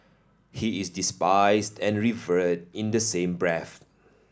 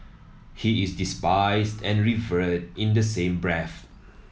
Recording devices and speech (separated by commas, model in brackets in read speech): standing microphone (AKG C214), mobile phone (iPhone 7), read sentence